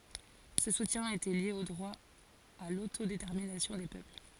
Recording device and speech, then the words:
forehead accelerometer, read sentence
Ce soutien était lié au droit à l'autodétermination des peuples.

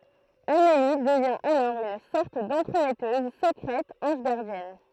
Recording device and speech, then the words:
throat microphone, read sentence
Amélie devient alors une sorte d'entremetteuse secrète ange gardienne.

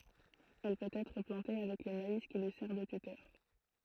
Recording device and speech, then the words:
throat microphone, read sentence
Elle peut être plantée avec le maïs qui lui sert de tuteur.

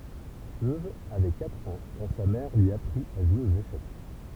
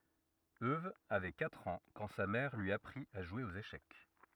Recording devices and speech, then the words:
temple vibration pickup, rigid in-ear microphone, read sentence
Euwe avait quatre ans quand sa mère lui apprit à jouer aux échecs.

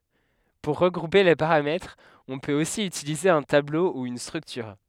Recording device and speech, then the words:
headset microphone, read sentence
Pour regrouper les paramètres, on peut aussi utiliser un tableau ou une structure.

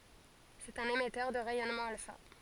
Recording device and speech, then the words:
forehead accelerometer, read sentence
C’est un émetteur de rayonnement alpha.

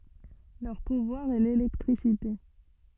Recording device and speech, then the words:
soft in-ear microphone, read sentence
Leur pouvoir est l'électricité.

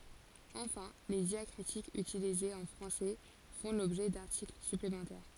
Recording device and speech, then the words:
forehead accelerometer, read sentence
Enfin, les diacritiques utilisés en français font l'objet d'articles supplémentaires.

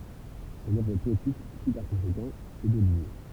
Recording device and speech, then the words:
temple vibration pickup, read sentence
Son œuvre poétique suit par conséquent ces deux lignes.

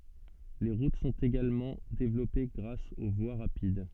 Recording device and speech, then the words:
soft in-ear microphone, read sentence
Les routes sont également développées grâce aux voies rapides.

